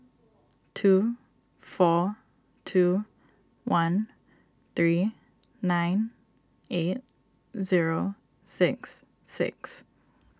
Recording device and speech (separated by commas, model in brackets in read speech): standing microphone (AKG C214), read sentence